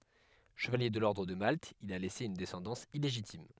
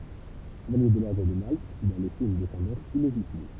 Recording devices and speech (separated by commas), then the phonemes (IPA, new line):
headset microphone, temple vibration pickup, read sentence
ʃəvalje də lɔʁdʁ də malt il a lɛse yn dɛsɑ̃dɑ̃s ileʒitim